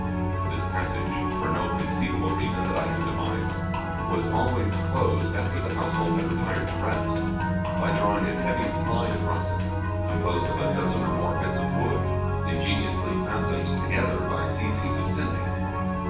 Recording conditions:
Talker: one person; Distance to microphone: 9.8 m; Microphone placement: far; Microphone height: 1.8 m; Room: large; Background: music

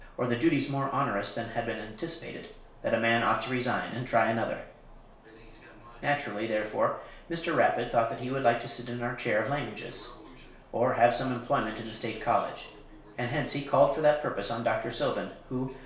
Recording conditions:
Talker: one person; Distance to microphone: 1.0 m; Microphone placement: close; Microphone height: 1.1 m; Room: small (3.7 m by 2.7 m); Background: television

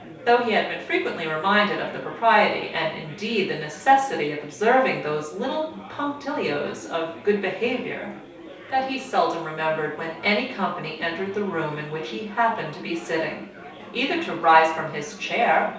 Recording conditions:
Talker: one person; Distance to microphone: 3.0 m; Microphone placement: far; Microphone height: 1.8 m; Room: small (3.7 m by 2.7 m); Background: babble

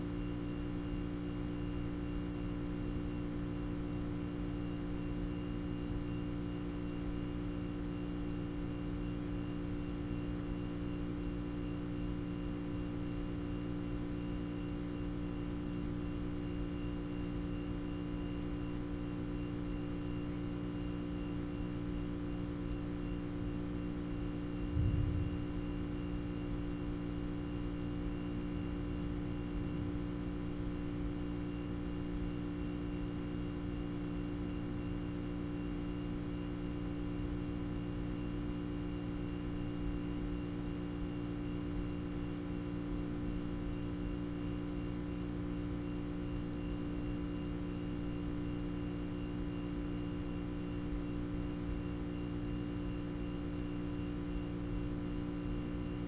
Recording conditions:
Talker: no one; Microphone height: 69 cm; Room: very reverberant, large; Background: none

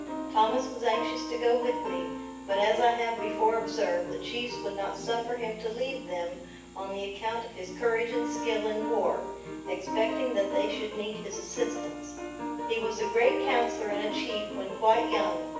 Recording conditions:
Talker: one person; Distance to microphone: 9.8 m; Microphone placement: far; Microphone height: 1.8 m; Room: large; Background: music

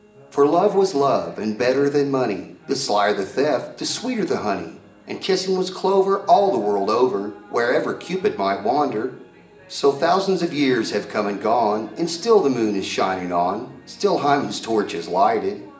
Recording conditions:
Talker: one person; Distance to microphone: 1.8 m; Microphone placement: close; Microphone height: 1.0 m; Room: large; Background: television

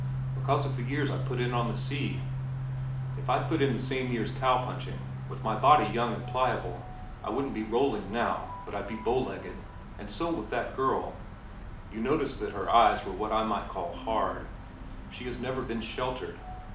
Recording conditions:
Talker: one person; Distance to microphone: 2.0 m; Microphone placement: close; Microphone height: 99 cm; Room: medium-sized (5.7 m by 4.0 m); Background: music

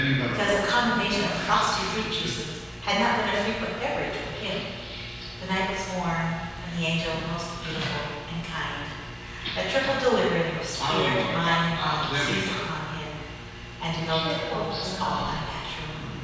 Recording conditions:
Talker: one person; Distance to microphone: 7.1 m; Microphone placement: far; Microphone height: 1.7 m; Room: very reverberant, large; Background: television

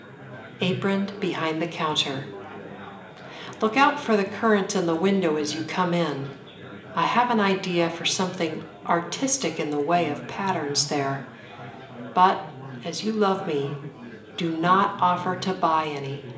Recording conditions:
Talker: one person; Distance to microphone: 1.8 m; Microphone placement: close; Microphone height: 1.0 m; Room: large; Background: babble

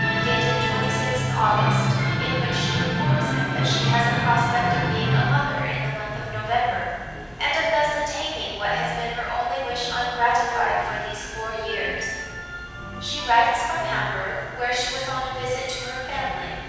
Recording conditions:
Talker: one person; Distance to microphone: 7.1 m; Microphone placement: far; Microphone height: 1.7 m; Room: very reverberant, large; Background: music

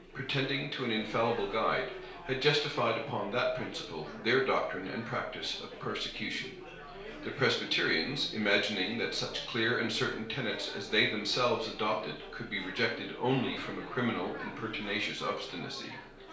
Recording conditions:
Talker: one person; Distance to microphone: 1.0 m; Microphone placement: close; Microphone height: 1.1 m; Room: small (3.7 m by 2.7 m); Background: babble

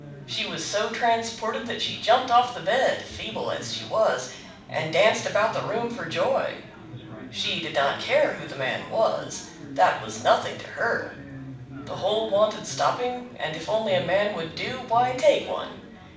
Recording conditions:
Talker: one person; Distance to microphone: 5.8 m; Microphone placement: far; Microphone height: 1.8 m; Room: medium-sized (5.7 m by 4.0 m); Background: babble

